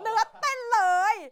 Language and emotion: Thai, happy